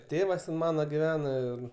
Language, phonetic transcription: Lithuanian, ˈtėvas ˈmana giˈvena ir

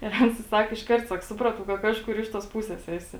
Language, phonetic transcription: Lithuanian, ir ˈans i ˈsak išˈkart ˈsak ˈsupratau ka ˈkažkur ˈiš tuos ˈpūses ˈesi

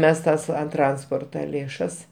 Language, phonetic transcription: Lithuanian, ˈmes ˈtas an ˈtransporta lėˈšas

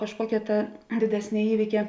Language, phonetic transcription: Lithuanian, kažˈkuokia ta diˈdesnė ˈįvykia

